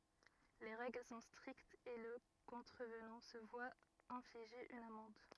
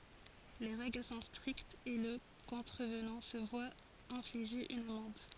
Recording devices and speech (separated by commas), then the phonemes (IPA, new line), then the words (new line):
rigid in-ear microphone, forehead accelerometer, read sentence
le ʁɛɡl sɔ̃ stʁiktz e lə kɔ̃tʁəvnɑ̃ sə vwa ɛ̃fliʒe yn amɑ̃d
Les règles sont strictes et le contrevenant se voit infliger une amende.